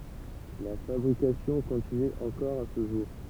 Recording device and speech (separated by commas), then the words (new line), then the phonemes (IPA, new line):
temple vibration pickup, read sentence
La fabrication continue encore à ce jour.
la fabʁikasjɔ̃ kɔ̃tiny ɑ̃kɔʁ a sə ʒuʁ